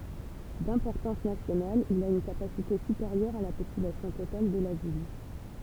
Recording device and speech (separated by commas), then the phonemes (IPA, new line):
temple vibration pickup, read sentence
dɛ̃pɔʁtɑ̃s nasjonal il a yn kapasite sypeʁjœʁ a la popylasjɔ̃ total də la vil